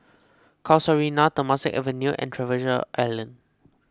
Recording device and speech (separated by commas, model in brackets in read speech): close-talking microphone (WH20), read sentence